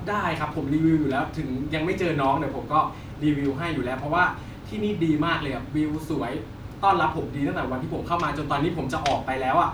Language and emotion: Thai, happy